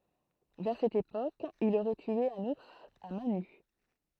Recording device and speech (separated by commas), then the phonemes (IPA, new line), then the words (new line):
throat microphone, read sentence
vɛʁ sɛt epok il oʁɛ tye œ̃n uʁs a mɛ̃ ny
Vers cette époque, il aurait tué un ours à mains nues.